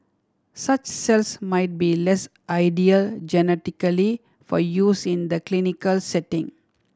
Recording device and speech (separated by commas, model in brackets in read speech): standing microphone (AKG C214), read sentence